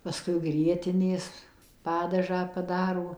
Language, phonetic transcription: Lithuanian, paˈskui ˈgrietinės ˈpadažą paˈdaro

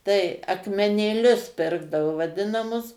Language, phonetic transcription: Lithuanian, ˈtai akmenėˈlius ˈpirkdavo vaˈdinamus

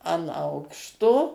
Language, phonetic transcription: Lithuanian, an ˈaukšto

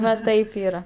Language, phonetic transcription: Lithuanian, va ˈtaip ˈyra

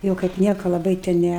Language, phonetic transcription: Lithuanian, ˈjau kaip ˈnieka laˈbai te ˈnæ

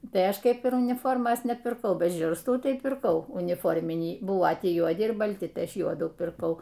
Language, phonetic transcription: Lithuanian, ˈtai ˈaš ˈkeip ir uniˈformos nepirˈkau ˈbet ˈžiurstų ˈtai pirˈkau uniˈforminį ˈbuvo ˈtį juoˈdi ir balˈti ˈtai ˈaš ˈjuodų pirˈkau

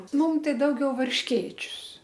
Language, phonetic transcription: Lithuanian, ˈmum ˈtai ˈdaugiau varšˈkėčius

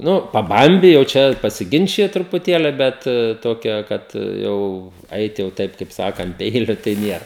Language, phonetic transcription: Lithuanian, ˈnu paˈbambi jau ˈčia pasiˈginčiji trupuˈtėli ˈbet ˈtokia ˈkad ˈjau ˈait jau ˈtaip kaip ˈsaka ant ˈpeiliu tai ˈnier

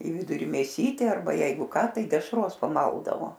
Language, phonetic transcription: Lithuanian, į ˈviduri mėˈsytė arˈba ˈjeigu ˈka ˈtai dešˈros paˈmaldavo

